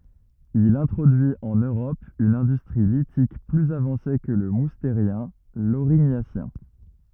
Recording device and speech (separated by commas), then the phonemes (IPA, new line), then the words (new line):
rigid in-ear microphone, read sentence
il ɛ̃tʁodyi ɑ̃n øʁɔp yn ɛ̃dystʁi litik plyz avɑ̃se kə lə musteʁjɛ̃ loʁiɲasjɛ̃
Il introduit en Europe une industrie lithique plus avancée que le Moustérien, l'Aurignacien.